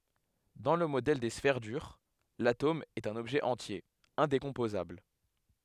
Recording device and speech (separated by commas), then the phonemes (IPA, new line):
headset microphone, read sentence
dɑ̃ lə modɛl de sfɛʁ dyʁ latom ɛt œ̃n ɔbʒɛ ɑ̃tje ɛ̃dekɔ̃pozabl